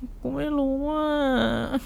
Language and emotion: Thai, sad